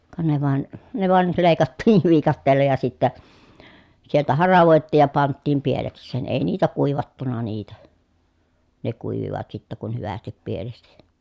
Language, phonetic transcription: Finnish, ka ne vàen , ne vàel lèi̮kattiiv viikatteella ja sittä , sieltä haravòettiij ja panttiim pieleks̀een , èi niitä kùivattuna niitä , ne kùivivat sittä kun hyvästip pielesti .
- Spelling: ka ne vain ne vain leikattiin viikatteella ja sitten sieltä haravoitiin ja pantiin pielekseen ei niitä kuivattu niitä ne kuivuivat sitten kun hyvästi pielesti

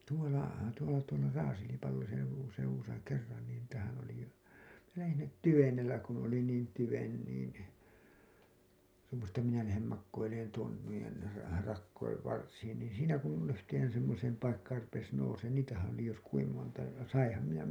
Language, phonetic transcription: Finnish, tuola , tuola tuola 'Raaselipallosen , seuwusa kerran nin niitähän ‿oli , minä lähin sinnet "tyvenellä kun ‿oli niin 'tyven niin , tuumasin ‿että minä lähem makkoileen tuon , nuijen , ra- , rakkoiv varsiin niin̬ 'siinä kun yhteen semmoseem paikkaar rupes nouseen niitähää̰ oli jos kuim monta , ja 'saiḭham minä .
- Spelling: tuolla tuolla tuolla Raaselipallosen seudussa kerran niin niitähän oli minä lähdin sinne tyvenellä kun oli niin tyven niin tuumasin että minä lähden makoilemaan tuon noiden - rakojen varsiin niin siinä kun yhteen semmoiseen paikkaan rupesi nousemaan niitähän oli jos kuinka monta ja sainhan minä

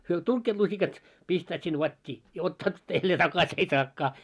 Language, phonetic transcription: Finnish, hyö "tuŋkkeet lusikat , 'pistäät sin 'vat́t́ii , ja 'ottaat , jällee "takas ‿ei 'saakkaa .
- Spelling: he tunkevat lusikat pistävät sinne vatiin ja ottavat jälleen takaisin ei saakaan

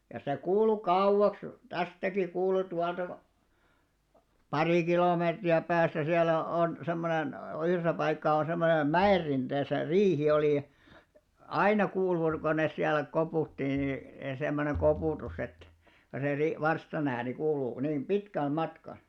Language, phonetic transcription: Finnish, ja se 'kuulu 'kauʷaks , 'tästäki kuulu 'tualta ko- , "parì kilòmeetri₍ä 'pääs̆sä 'siäl̆lä on , 'semmonen , 'yhresä paikkaa on̬ semmonem "mä₍errinteesä "riihi olì ja , 'aina 'kuulur- ko nes siäl̆lä 'kopùtti ni , semmoneŋ 'kopùtus ‿et , kyl se 'ri- , 'varsta'n ‿ääni kuuluu ku 'nim "ʙitkäl matka .
- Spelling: ja se kuului kauaksi tästäkin kuului tuolta - pari kilometriä päässä siellä on semmoinen yhdessä paikkaa on semmoinen mäenrinteessä riihi oli ja aina - kun ne siellä koputti niin semmoinen koputus että kyllä se - varstan ääni kuuluu kun niin pitkälle matkaa

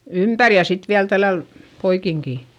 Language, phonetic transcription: Finnish, ympär ja sit viäl tälläl , poikiŋkì .
- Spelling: ympäri ja sitten vielä tällä lailla poikinkin

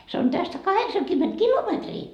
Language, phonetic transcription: Finnish, se on 'tästä "kaheksaŋkymment "kilometrii .
- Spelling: se on tästä kahdeksankymmentä kilometriä

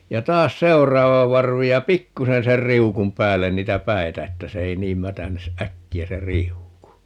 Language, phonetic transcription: Finnish, ja 'taas "seu̬raava 'varvi ja "pikkusen 'ser "riukum 'päällen 'niitä "päi̮tä 'että se 'ei niim "mätän(i)s "ʼäkki₍ä se "riuku .
- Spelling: ja taas seuraava varvi ja pikkuisen sen riu'un päälle niitä päitä että se ei niin mätänisi äkkiä se riuku

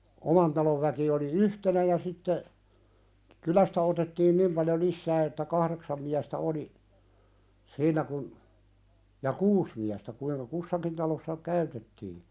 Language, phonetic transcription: Finnish, 'oman talov väki oli "yhtenä ja sitte , 'kylästä otettiin "nim paljo 'lissää että "kahðeksam miästä 'oli , "siin̆nä kun , ja "kuus miästä kuiŋka 'kussakin talossa "käytettii .
- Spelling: oman talon väki oli yhtenä ja sitten kylästä otettiin niin paljon lisää että kahdeksan miestä oli siinä kun ja kuusi miestä kuinka kussakin talossa käytettiin

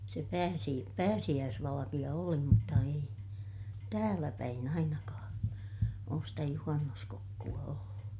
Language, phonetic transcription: Finnish, se pääsi- , pääsiʲääsvalakiʲa oli mutta ei , tääläpäin ‿ainakaa̰ , oos stä juhannuskokku₍a ollu .
- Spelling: se - pääsiäisvalkea oli mutta ei täälläpäin ainakaan ole sitä juhannuskokkoa ollut

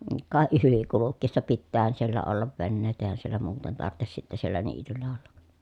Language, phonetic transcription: Finnish, ka ʼyli kulukkiissa pittäähän siellä ollav venneet èi̮hän siellä muuten tart̆tes sitte siellä niityl̀ä ollA(k) .
- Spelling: ka yli kulkiessa pitäähän siellä olla veneet eihän siellä muuten tarvitsisi sitten siellä niityllä olla

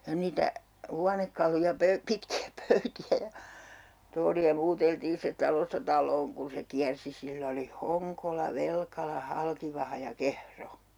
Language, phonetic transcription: Finnish, ja 'niitä , "huanekkaluja pöy- , 'pitki₍ä 'pöyti₍ä ja , 'tooli₍a 'muuteltiin̬ sitᵉᵗ 'talosta 'tal̆loon kun̬ se 'kiärsi 'sill ‿oli "Hoŋkola 'Velkala 'Halkivaha ja "Kehro .
- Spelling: ja niitä huonekaluja - pitkiä pöytiä ja tuoleja muuteltiin sitten talosta taloon kun se kiersi sillä oli Honkola Velkala Halkivaha ja Kehro

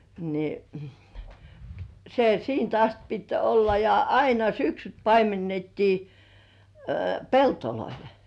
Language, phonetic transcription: Finnish, ni , se "siint ‿ast pit 'olla ja "aina 'syksyt paimennettii , "peltoloil .
- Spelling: niin se siitä asti piti olla ja aina syksyt paimennettiin pelloilla

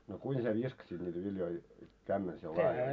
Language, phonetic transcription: Finnish, no 'kuin sie "viskasit niitä viljoi , kämmen(el) sie laaji .
- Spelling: no kuinka sinä viskasit niitä viljoja kämmenellä sinä laadi

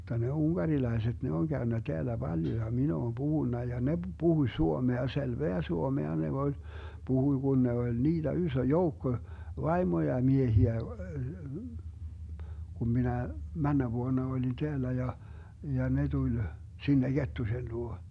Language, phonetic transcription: Finnish, m̥tta ne 'uŋGarilai̮set 'ne oŋ 'Gäönnä 'teälä 'Baljo ja mi'n ‿oom 'Buhunna ja 'ne 'Buhuⁱ "suomea , 'selveä 'suomea ne (voi) , 'Buhuⁱ Gun 'ne oĺ "niiDä 'ysö "joukko , 'vaimoja 'miehiä , kum 'minä , 'männä 'vuona oĺin 'teällä ja , ja 'ne 'tuĺ , 'sinne "Gettusen 'luo .
- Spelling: mutta ne unkarilaiset ne on käynyt täällä paljon ja minä olen puhunut ja ne puhui suomea selvää suomea ne voi puhui kun ne oli niitä iso joukko vaimoja miehiä kun minä menneenä vuonna olin täällä ja ja ne tuli sinne Kettusen luo

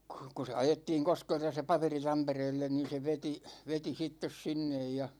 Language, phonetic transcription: Finnish, kU ku se 'ajettiiŋ 'Koskelta se 'paperi 'Tampereellen niin̬ se 'veti , 'veti 'sittes 'sinnej ja ,.
- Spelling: kun kun se ajettiin Koskelta se paperi Tampereelle niin se veti veti sitten sinne ja

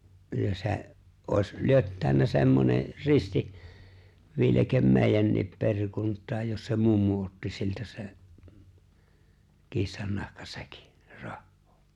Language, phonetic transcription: Finnish, kyllä 'se̬’ , òes 'lyöttä̀önnä semmone , 'risti , 'viilekem 'mèijännip 'peŕkunt̆taaj jos se 'mummu otti siltä 'se[n] , 'kissannahka'säkɪ , 'rahhᴏᴏ .
- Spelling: kyllä se olisi lyöttäytynyt semmoinen risti viileke meidänkin perikuntaan jos se mummo otti siltä sen kissannahkasäkin rahaa

